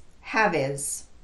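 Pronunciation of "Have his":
The pronoun 'his' is reduced and links to the word before it, 'have'.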